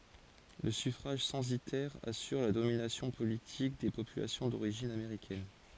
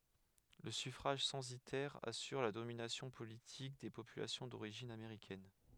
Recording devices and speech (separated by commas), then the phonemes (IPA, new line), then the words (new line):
forehead accelerometer, headset microphone, read sentence
lə syfʁaʒ sɑ̃sitɛʁ asyʁ la dominasjɔ̃ politik de popylasjɔ̃ doʁiʒin ameʁikɛn
Le suffrage censitaire assure la domination politique des populations d'origine américaine.